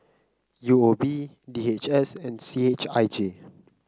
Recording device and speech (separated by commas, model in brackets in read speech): close-talking microphone (WH30), read sentence